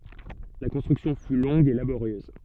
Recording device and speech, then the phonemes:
soft in-ear microphone, read sentence
la kɔ̃stʁyksjɔ̃ fy lɔ̃ɡ e laboʁjøz

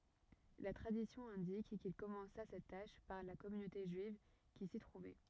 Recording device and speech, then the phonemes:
rigid in-ear microphone, read sentence
la tʁadisjɔ̃ ɛ̃dik kil kɔmɑ̃sa sɛt taʃ paʁ la kɔmynote ʒyiv ki si tʁuvɛ

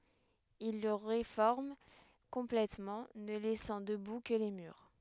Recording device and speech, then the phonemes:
headset microphone, read sentence
il lə ʁefɔʁm kɔ̃plɛtmɑ̃ nə lɛsɑ̃ dəbu kə le myʁ

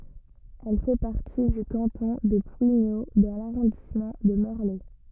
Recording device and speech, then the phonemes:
rigid in-ear microphone, read sentence
ɛl fɛ paʁti dy kɑ̃tɔ̃ də plwiɲo dɑ̃ laʁɔ̃dismɑ̃ də mɔʁlɛ

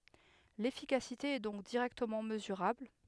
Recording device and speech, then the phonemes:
headset microphone, read sentence
lefikasite ɛ dɔ̃k diʁɛktəmɑ̃ məzyʁabl

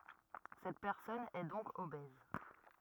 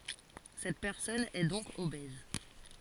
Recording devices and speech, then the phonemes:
rigid in-ear microphone, forehead accelerometer, read sentence
sɛt pɛʁsɔn ɛ dɔ̃k obɛz

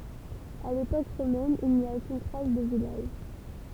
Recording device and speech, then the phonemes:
temple vibration pickup, read sentence
a lepok ʁomɛn il ni a okyn tʁas də vilaʒ

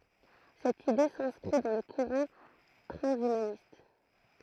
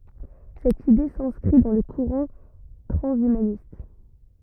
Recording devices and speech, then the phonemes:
throat microphone, rigid in-ear microphone, read sentence
sɛt ide sɛ̃skʁi dɑ̃ lə kuʁɑ̃ tʁɑ̃ʃymanist

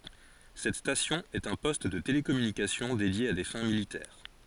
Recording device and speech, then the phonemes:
forehead accelerometer, read sentence
sɛt stasjɔ̃ ɛt œ̃ pɔst də telekɔmynikasjɔ̃ dedje a de fɛ̃ militɛʁ

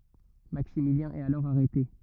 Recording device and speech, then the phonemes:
rigid in-ear microphone, read sentence
maksimiljɛ̃ ɛt alɔʁ aʁɛte

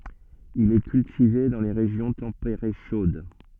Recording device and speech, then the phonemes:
soft in-ear microphone, read sentence
il ɛ kyltive dɑ̃ le ʁeʒjɔ̃ tɑ̃peʁe ʃod

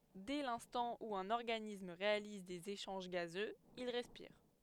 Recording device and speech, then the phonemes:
headset microphone, read sentence
dɛ lɛ̃stɑ̃ u œ̃n ɔʁɡanism ʁealiz dez eʃɑ̃ʒ ɡazøz il ʁɛspiʁ

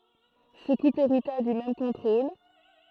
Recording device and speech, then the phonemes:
throat microphone, read sentence
sə kupl eʁita dy mɛm kɔ̃tʁol

